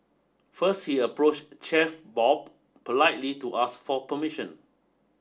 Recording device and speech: standing microphone (AKG C214), read sentence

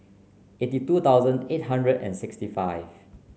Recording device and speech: mobile phone (Samsung C9), read sentence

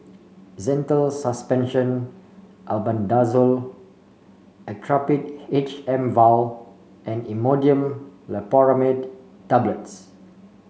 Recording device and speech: mobile phone (Samsung C5), read sentence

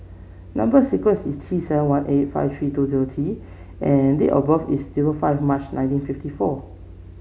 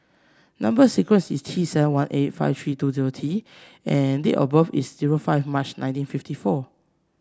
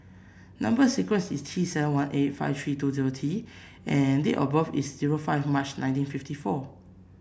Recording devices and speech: mobile phone (Samsung C7), standing microphone (AKG C214), boundary microphone (BM630), read sentence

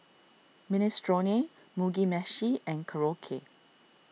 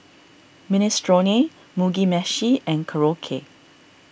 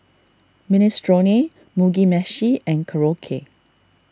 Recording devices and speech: mobile phone (iPhone 6), boundary microphone (BM630), standing microphone (AKG C214), read sentence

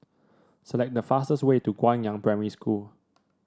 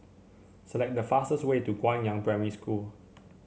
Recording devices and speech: standing microphone (AKG C214), mobile phone (Samsung C7), read sentence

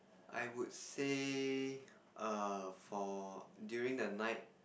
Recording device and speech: boundary microphone, conversation in the same room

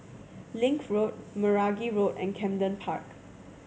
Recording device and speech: mobile phone (Samsung C7100), read sentence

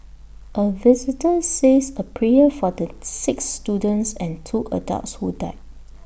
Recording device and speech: boundary microphone (BM630), read sentence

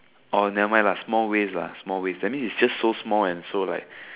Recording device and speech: telephone, conversation in separate rooms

